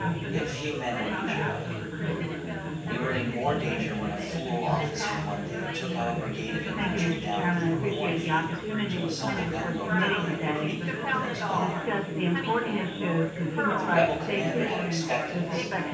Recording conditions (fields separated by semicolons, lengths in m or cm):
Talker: one person; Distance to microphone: 9.8 m; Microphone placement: far; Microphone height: 1.8 m; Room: large; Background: babble